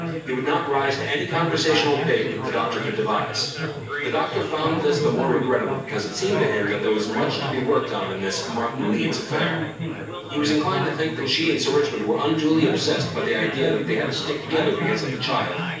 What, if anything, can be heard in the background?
Crowd babble.